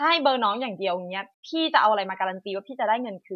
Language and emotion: Thai, frustrated